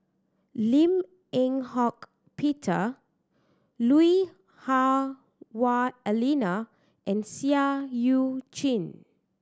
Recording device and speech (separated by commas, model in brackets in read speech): standing microphone (AKG C214), read sentence